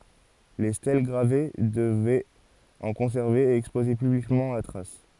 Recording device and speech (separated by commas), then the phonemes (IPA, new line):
forehead accelerometer, read sentence
le stɛl ɡʁave dəvɛt ɑ̃ kɔ̃sɛʁve e ɛkspoze pyblikmɑ̃ la tʁas